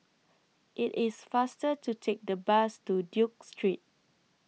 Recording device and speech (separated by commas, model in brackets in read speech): mobile phone (iPhone 6), read sentence